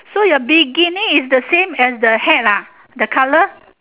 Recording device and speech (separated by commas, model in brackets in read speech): telephone, conversation in separate rooms